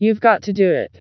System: TTS, vocoder